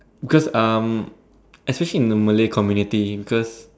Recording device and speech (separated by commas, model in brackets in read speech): standing microphone, conversation in separate rooms